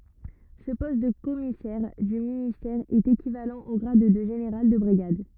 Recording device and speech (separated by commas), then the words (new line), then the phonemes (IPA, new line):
rigid in-ear microphone, read sentence
Ce poste de commissaire du ministère est équivalent au grade de général de brigade.
sə pɔst də kɔmisɛʁ dy ministɛʁ ɛt ekivalɑ̃ o ɡʁad də ʒeneʁal də bʁiɡad